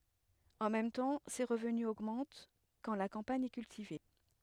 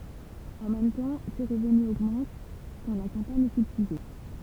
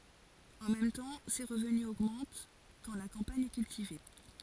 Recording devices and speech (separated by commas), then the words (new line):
headset microphone, temple vibration pickup, forehead accelerometer, read sentence
En même temps, ses revenus augmentent quand la campagne est cultivée.